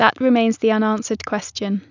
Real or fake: real